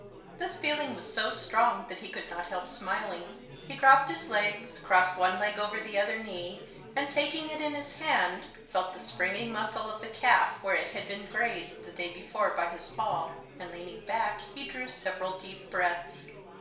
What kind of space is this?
A small space.